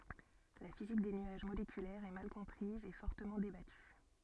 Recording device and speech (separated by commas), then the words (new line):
soft in-ear microphone, read sentence
La physique des nuages moléculaires est mal comprise et fortement débattue.